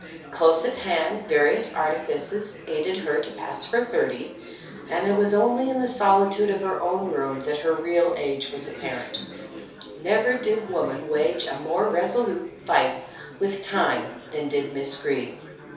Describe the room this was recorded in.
A small space.